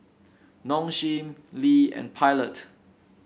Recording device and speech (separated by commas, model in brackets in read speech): boundary microphone (BM630), read sentence